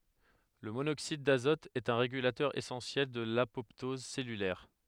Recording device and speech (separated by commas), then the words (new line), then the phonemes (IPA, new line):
headset microphone, read sentence
Le monoxyde d'azote est un régulateur essentiel de l'apoptose cellulaire.
lə monoksid dazɔt ɛt œ̃ ʁeɡylatœʁ esɑ̃sjɛl də lapɔptɔz sɛlylɛʁ